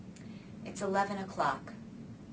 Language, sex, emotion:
English
female
neutral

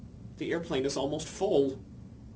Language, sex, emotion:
English
male
fearful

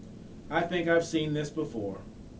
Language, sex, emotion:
English
male
disgusted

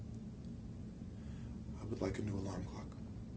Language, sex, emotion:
English
male
neutral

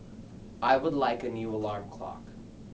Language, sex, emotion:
English
male
neutral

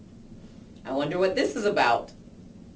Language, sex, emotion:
English
female
disgusted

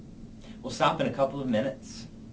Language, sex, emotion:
English
male
neutral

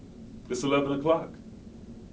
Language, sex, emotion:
English
male
neutral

